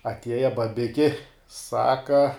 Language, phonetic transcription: Lithuanian, atˈieja baˈbiki ˈsaka

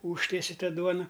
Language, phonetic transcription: Lithuanian, ˈūžtiesi ˈtą ˈduona

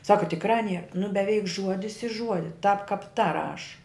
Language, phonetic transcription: Lithuanian, ˈsaka tikˈrā nie nu beˈveik ˈžuodis i ˈžuodi tap kap ta ˈraš

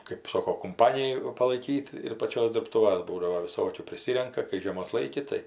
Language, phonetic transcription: Lithuanian, kɜp ˈsoko kumˈpaniju palaiˈkyt ir paˈčios dirbˈtūvas ˈbūdavo viˈsokių priˈsirenka kai žieˈmos ˈlaiki tai

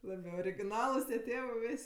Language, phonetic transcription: Lithuanian, ˈlabi origiˈnalus tieˈtėvɜ ˈvis'

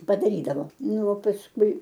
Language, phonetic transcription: Lithuanian, padaˈrydavo ˈnu o pasˈkui

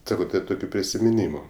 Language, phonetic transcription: Lithuanian, ˈsako tai ˈtokiu prisimiˈnymu

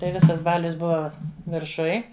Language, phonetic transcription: Lithuanian, tai ˈvisas ˈbalius ˈbuva virˈšuj

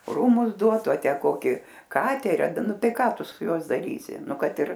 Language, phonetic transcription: Lithuanian, ˈrūmus ˈduotu a ˈtę ˈkoki ˈkaterį ˈnu ˈtai ˈką ˈtu ˈsu ˈjuos daˈrysi ˈnu ˈkad ir

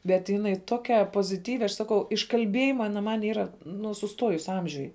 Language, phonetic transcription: Lithuanian, bet jiˈnai ˈtokia poziˈtyvi aš ˈsakau iš kalˈbiejima ˈana man ˈyra nu suˈstuojus ˈamžiuj

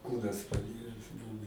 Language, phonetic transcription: Lithuanian, ˈkūnas paˈires ˈbuvu

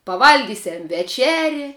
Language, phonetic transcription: Lithuanian, paˈvalgysiam veˈčeri

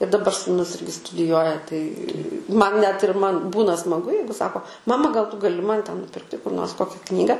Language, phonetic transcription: Lithuanian, ir daˈbar sūˈnus ˈirgi studiˈjuoja tai ˈman net ir ˈman ˈbūna smaˈgu ˈjeigu ˈsako ˈmama gal tu gaˈli ˈman ten nuˈpirkti kur nors ˈkokia ˈknyga

